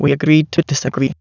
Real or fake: fake